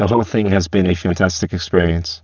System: VC, spectral filtering